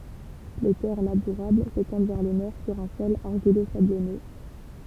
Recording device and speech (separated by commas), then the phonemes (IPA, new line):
temple vibration pickup, read sentence
le tɛʁ labuʁabl setɑ̃d vɛʁ lə nɔʁ syʁ œ̃ sɔl aʁʒilozablɔnø